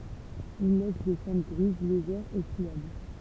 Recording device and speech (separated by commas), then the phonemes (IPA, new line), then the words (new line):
temple vibration pickup, read sentence
il lɛs de sɑ̃dʁ ɡʁiz leʒɛʁz e fʁiabl
Il laisse des cendres grises, légères et friables.